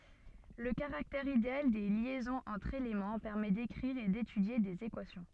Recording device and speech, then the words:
soft in-ear microphone, read sentence
Le caractère idéal des liaisons entre éléments permet d'écrire et d'étudier des équations.

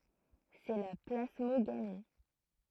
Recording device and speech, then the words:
throat microphone, read sentence
C’est la plasmogamie.

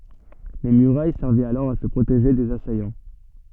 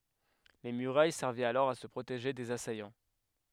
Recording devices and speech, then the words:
soft in-ear microphone, headset microphone, read sentence
Les murailles servaient alors à se protéger des assaillants.

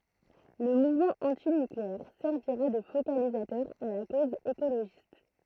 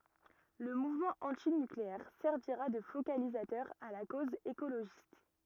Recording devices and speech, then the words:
throat microphone, rigid in-ear microphone, read sentence
Le mouvement antinucléaire servira de focalisateur à la cause écologiste.

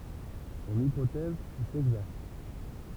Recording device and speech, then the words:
temple vibration pickup, read sentence
Son hypothèse est exacte.

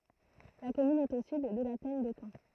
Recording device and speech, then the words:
throat microphone, read sentence
La commune est au sud de la plaine de Caen.

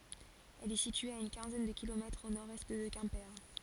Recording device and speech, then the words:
forehead accelerometer, read sentence
Elle est située à une quinzaine de kilomètres au nord-est de Quimper.

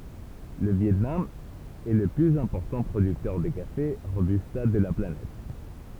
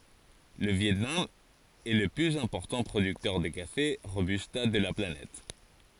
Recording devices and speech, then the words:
temple vibration pickup, forehead accelerometer, read sentence
Le Viêt Nam est le plus important producteur de café Robusta de la planète.

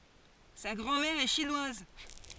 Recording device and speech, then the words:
forehead accelerometer, read sentence
Sa grand-mère est chinoise.

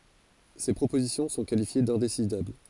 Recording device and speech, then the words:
forehead accelerometer, read sentence
Ces propositions sont qualifiées d'indécidables.

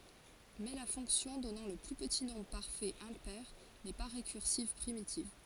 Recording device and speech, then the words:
forehead accelerometer, read sentence
Mais la fonction donnant le plus petit nombre parfait impair n'est pas récursive primitive.

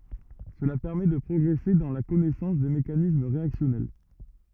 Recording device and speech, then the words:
rigid in-ear microphone, read sentence
Cela permet de progresser dans la connaissance des mécanismes réactionnels.

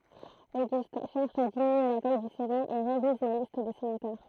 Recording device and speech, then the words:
throat microphone, read sentence
Auguste cherche à diminuer la taille du Sénat et révise la liste des sénateurs.

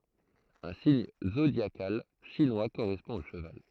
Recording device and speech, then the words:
throat microphone, read sentence
Un signe zodiacal chinois correspond au cheval.

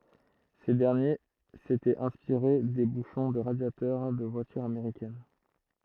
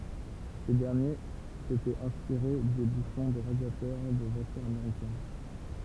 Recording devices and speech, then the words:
throat microphone, temple vibration pickup, read sentence
Ces derniers s'étaient inspirés des bouchons de radiateur des voitures américaines.

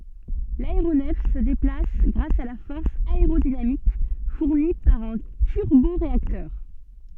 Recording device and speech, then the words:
soft in-ear microphone, read sentence
L'aéronef se déplace grâce à la force aérodynamique fournie par un turboréacteur.

